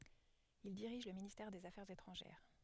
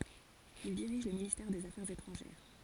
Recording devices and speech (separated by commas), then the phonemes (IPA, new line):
headset microphone, forehead accelerometer, read sentence
il diʁiʒ lə ministɛʁ dez afɛʁz etʁɑ̃ʒɛʁ